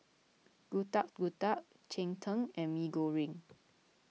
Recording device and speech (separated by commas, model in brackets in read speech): mobile phone (iPhone 6), read sentence